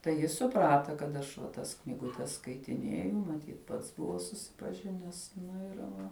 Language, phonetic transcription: Lithuanian, tai ˈjis suˈprata kad ˈaš va ˈtas knyguˈtes skaitiˈnėju maˈtyt ˈpats ˈbuvo susipaˈžines ˈnu ir ˈva

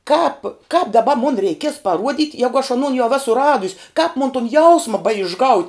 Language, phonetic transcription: Lithuanian, ˈkāp kāp daˈba mun reiˈkies paˈruodit ˈjegu aš aˈnon jau ˈesu ˈradus' kāp mon tun ˈjausma baišˈgaut'

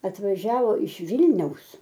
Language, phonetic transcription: Lithuanian, atvaˈžiavo iš ˈvilniaus

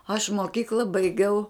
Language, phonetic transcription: Lithuanian, aš moˈkykla baiˈgiau

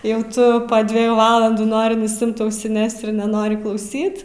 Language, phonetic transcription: Lithuanian, ˈjau ˈtu pa dveˈjų ˈvalandų ˈnori nusiˈimt ausiˈnes ir neˈnori klauˈsyt

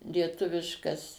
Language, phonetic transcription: Lithuanian, lieˈtuviškas

